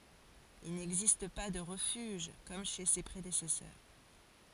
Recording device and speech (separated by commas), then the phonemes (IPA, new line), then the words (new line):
forehead accelerometer, read sentence
il nɛɡzist pa də ʁəfyʒ kɔm ʃe se pʁedesɛsœʁ
Il n'existe pas de refuge comme chez ses prédécesseurs.